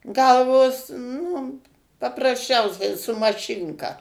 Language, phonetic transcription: Lithuanian, ˈgalvos nu paprasˈčiausiai su maˈšinka

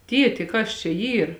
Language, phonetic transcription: Lithuanian, ˈtieti ˈkas čia ˈyr

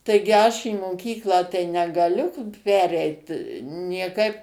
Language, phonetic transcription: Lithuanian, ˈtaigi ˈaš į moˈkyklą tai negaˈliu ˈpereit nieˈkaip

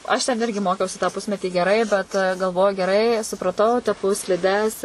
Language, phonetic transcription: Lithuanian, aš ten ˈirgi ˈmokiausi tą ˈpusmetį geˈrai bet galˈvoju geˈrai supraˈtau teˈpu sliˈdes

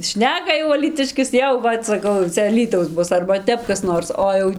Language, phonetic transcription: Lithuanian, ˈšneka jau alyˈtiškis ˈjau ˈvat saˈkau jau ˈcia aˈlytaus ˈbus arba ˈtep kas ˈnors ˈo jau

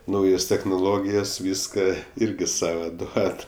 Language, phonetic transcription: Lithuanian, ˈnaujos technoˈlogijas ˈvyska ˈirgi ˈsava ˈduod

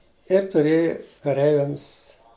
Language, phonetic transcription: Lithuanian, ir tuˈrėji kaˈreiviams

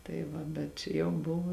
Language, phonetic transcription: Lithuanian, tai ˈva bet ˈčia jau ˈbuvu

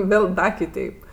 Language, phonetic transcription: Lithuanian, ˈvėl ˈda kiˈteip

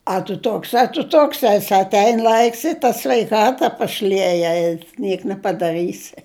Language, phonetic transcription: Lithuanian, a tu ˈtoks a tu ˈtoks ˈasi atˈein ˈlaiks i ta sveiˈkata paˈšlieja i ˈniek nepadaˈrɨsi

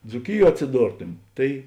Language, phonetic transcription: Lithuanian, dzūˈkiˌjuo atsiˈdortumi ˈtai

